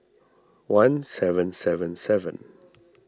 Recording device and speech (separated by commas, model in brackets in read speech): standing microphone (AKG C214), read sentence